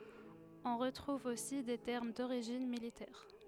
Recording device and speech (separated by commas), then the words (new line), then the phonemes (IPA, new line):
headset microphone, read sentence
On retrouve aussi des termes d'origine militaire.
ɔ̃ ʁətʁuv osi de tɛʁm doʁiʒin militɛʁ